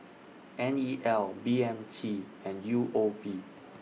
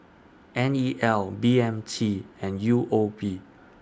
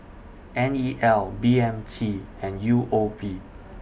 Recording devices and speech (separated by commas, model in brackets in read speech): mobile phone (iPhone 6), standing microphone (AKG C214), boundary microphone (BM630), read sentence